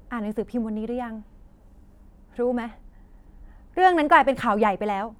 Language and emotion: Thai, angry